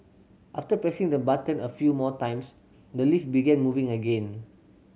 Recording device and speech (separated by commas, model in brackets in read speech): mobile phone (Samsung C7100), read sentence